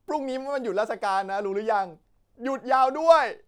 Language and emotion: Thai, happy